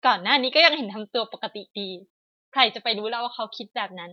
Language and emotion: Thai, frustrated